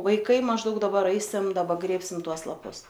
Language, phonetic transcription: Lithuanian, vaiˈkai mažˈdaug daˈbar ˈaisim daˈba ˈgrėbsim ˈtuos laˈpus

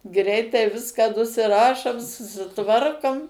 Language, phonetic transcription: Lithuanian, ˈgreitai ˈviska nusiˈrašom susiˈtvarkom

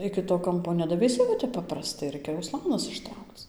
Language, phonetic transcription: Lithuanian, ˌiki to ˈkampo nedaveiˈsi va ˈtep ˌpapraˈstai ˈraikia uˈslanas išˈtraukc

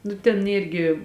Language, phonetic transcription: Lithuanian, nu ten ˈyrgi

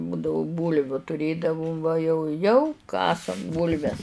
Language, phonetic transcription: Lithuanian, ˈbudavu ˈbūlviu tuˈrėdavum va jau ˈjau ˈkasam ˈbūlves

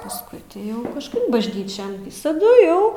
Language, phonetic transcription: Lithuanian, pasˈkui ti ˈjau kažˈkaip bažˈnyčian visaˈdu ˈjau

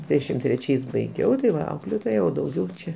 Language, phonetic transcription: Lithuanian, ˈsešim treˈčiais baiˈgiau tai ˈva ˈauklėtoja o dauˈgiau ˈčia

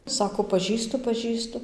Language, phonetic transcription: Lithuanian, ˈsako paˈžįstu paˈžįstu

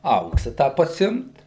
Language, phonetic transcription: Lithuanian, ˈauksą ˈtą paˈsimt

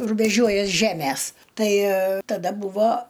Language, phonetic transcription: Lithuanian, rubeˈžiuojas ˈžemes ˈtai taˈda ˈbūvo

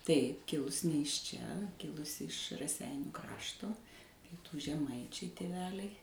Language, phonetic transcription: Lithuanian, tai ˈkilus' ne iš čia ˈkilusi iš raˈseinių ˈkrašto ˈpietų žeˈmaičiai tėˈveliai

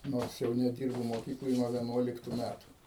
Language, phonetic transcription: Lithuanian, ˈnors jau neˈdirbu moˈkykloj nuo vieˈnuoliktu ˈmætu

